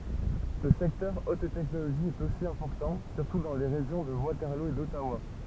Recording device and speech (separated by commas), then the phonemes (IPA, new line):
temple vibration pickup, read sentence
lə sɛktœʁ ot tɛknoloʒi ɛt osi ɛ̃pɔʁtɑ̃ syʁtu dɑ̃ le ʁeʒjɔ̃ də watɛʁlo e dɔtawa